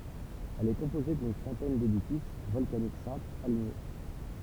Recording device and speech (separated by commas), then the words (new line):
temple vibration pickup, read sentence
Elle est composée d'une centaine d'édifices volcaniques simples, alignés.